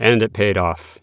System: none